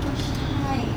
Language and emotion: Thai, sad